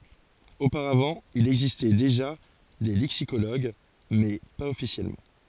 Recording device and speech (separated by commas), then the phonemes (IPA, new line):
forehead accelerometer, read sentence
opaʁavɑ̃ il ɛɡzistɛ deʒa de lɛksikoloɡ mɛ paz ɔfisjɛlmɑ̃